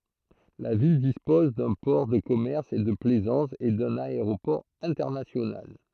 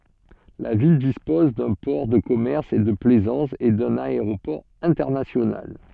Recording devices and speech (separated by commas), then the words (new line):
throat microphone, soft in-ear microphone, read sentence
La ville dispose d'un port de commerce et de plaisance, et d'un aéroport international.